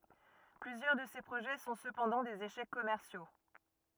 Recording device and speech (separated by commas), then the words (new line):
rigid in-ear microphone, read sentence
Plusieurs de ces projets sont cependant des échecs commerciaux.